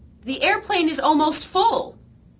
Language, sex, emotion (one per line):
English
female
fearful